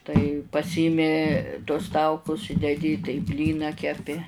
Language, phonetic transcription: Lithuanian, tai paˈsymi tuos ˈtaukus i deˈdi tai ˈblyną keˈpi

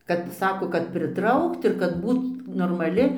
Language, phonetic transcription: Lithuanian, ˈkad ˈsako kad priˈtraukt ir kad ˈbūt normaˈli

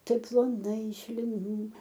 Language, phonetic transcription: Lithuanian, ˈtaip ploˈnai iš liˈnų

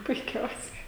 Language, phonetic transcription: Lithuanian, puiˈkiausiai

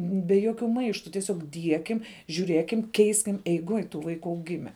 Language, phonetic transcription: Lithuanian, be ˈjokiu ˈmaištu tieˈsiog ˈdiekim žiūˈrėkim ˈkeiskim eiˈgoj tų ˈvaiku auˈgime

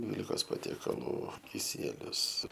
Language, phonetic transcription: Lithuanian, ˈdvylikos patiekaˈlų kiˈsielius

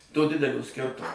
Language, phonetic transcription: Lithuanian, to ˈdidelio ˈskirtumo

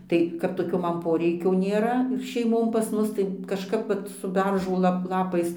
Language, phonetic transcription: Lithuanian, ˈtai kap toˈkio ˈman ˈporeikio nėˈra ir šeiˈmon pas ˈmus tai kažˈkap vat su ˈberžo ˈlap ˈlapais

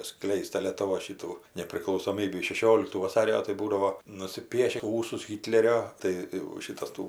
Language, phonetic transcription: Lithuanian, ˈskleist ta lietuˈvos ˈšitų nepriklausoˈmybį šeˈšioliktų vaˈsario tai ˈbūdavo nusiˈpieši ˈūsus ˈhitlerio tai jau ˈšitas ˈtų

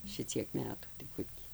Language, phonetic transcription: Lithuanian, ˈšiciek ˈmetų tai ˈkur ti

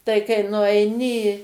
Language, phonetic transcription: Lithuanian, tai kai nuaiˈni i

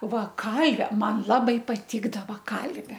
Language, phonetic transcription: Lithuanian, ˈva ˈkalve ˈman ˈlabai paˈtikdava ˈkalve

